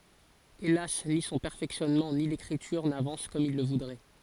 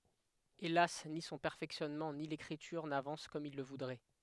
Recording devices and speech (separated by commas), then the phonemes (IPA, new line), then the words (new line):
forehead accelerometer, headset microphone, read sentence
elas ni sɔ̃ pɛʁfɛksjɔnmɑ̃ ni lekʁityʁ navɑ̃s kɔm il lə vudʁɛ
Hélas, ni son perfectionnement, ni l'écriture n'avancent comme il le voudrait.